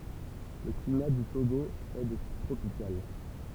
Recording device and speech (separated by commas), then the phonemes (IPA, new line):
temple vibration pickup, read sentence
lə klima dy toɡo ɛ də tip tʁopikal